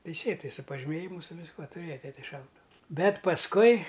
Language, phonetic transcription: Lithuanian, teiˈsėtai su pažiˈmėjimu su visˈkuo tuˈrėja ˈtete ˈšautuvu ˈbet pasˈkui

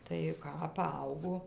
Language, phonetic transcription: Lithuanian, tai ˈką paˈaugo

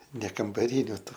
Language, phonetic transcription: Lithuanian, ne kambaˈriniu ˈtų

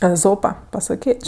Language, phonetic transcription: Lithuanian, eˈzopa pasaˈkėč'

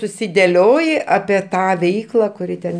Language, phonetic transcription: Lithuanian, susideˈlioji apie ˈtą ˈveikla kuˈri ten

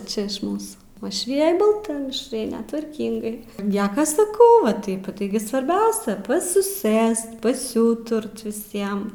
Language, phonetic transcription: Lithuanian, ˈčia ˈmūsų uošˈvijaj balˈta mišˈraine tvarˈkingai ˈnieka saˈkau va ˈtaip ˈtaigi svarˈbiausia pasiˈsɘst pasiˈūturt viˈsiem

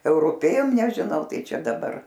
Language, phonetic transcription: Lithuanian, euruˈpėjom nežiˈnau ˈtai ˈčia daˈbar

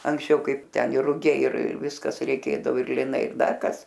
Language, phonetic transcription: Lithuanian, anksˈčiau ˈkaip ˈten ir ruˈgiai ir ˈviskas reiˈkėdavo ir liˈnai ir ˈdar ˈkas

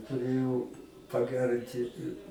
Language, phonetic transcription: Lithuanian, tuˈrėjau paˈgærinti

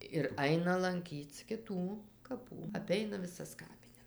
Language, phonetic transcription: Lithuanian, ir ˈaina lanˈkyc kiˈtų kaˈpų aˈpeina viˈsas ˈkapines

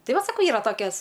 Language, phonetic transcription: Lithuanian, ˈtai ˈvat saˈkau ˈyra ˈtokias

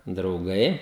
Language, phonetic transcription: Lithuanian, drauˈgai

